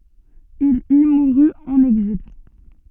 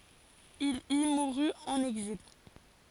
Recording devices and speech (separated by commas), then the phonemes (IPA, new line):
soft in-ear microphone, forehead accelerometer, read sentence
il i muʁy ɑ̃n ɛɡzil